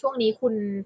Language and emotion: Thai, neutral